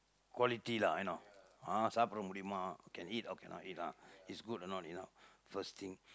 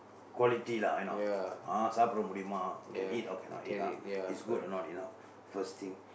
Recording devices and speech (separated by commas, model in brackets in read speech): close-talking microphone, boundary microphone, conversation in the same room